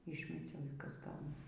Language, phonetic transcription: Lithuanian, ˈyšmeciau y ˈkas ˈgaunas

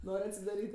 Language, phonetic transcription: Lithuanian, ˈnor' atsidaˈryt'

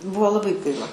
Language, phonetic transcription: Lithuanian, ˈbuo laˈbai ˈgaila

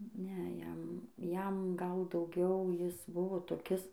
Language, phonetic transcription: Lithuanian, ˈne ˈjam ˈjam gal dauˈgiau ˈjis ˈbuvo toˈkis

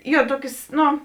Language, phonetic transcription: Lithuanian, ˈjo ˈtuokės ˈno

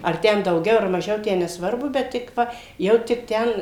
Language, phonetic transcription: Lithuanian, ar ˈten dauˈgiau ar maˈžiau ˈtę nesˈvarbu ˈbet tik ˈva ˈjau tik ˈten

